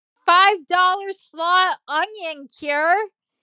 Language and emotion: English, disgusted